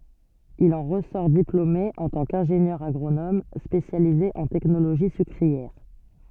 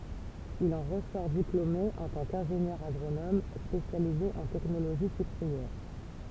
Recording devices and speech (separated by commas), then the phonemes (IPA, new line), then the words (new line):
soft in-ear microphone, temple vibration pickup, read sentence
il ɑ̃ ʁəsɔʁ diplome ɑ̃ tɑ̃ kɛ̃ʒenjœʁ aɡʁonom spesjalize ɑ̃ tɛknoloʒi sykʁiɛʁ
Il en ressort diplômé en tant qu'ingénieur agronome spécialisé en technologie sucrière.